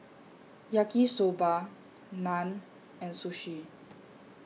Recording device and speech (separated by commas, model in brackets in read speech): mobile phone (iPhone 6), read sentence